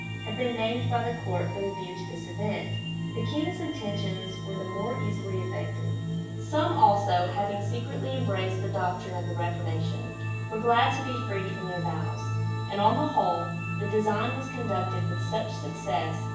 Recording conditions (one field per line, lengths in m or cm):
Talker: one person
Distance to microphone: 9.8 m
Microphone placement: far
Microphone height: 1.8 m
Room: large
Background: music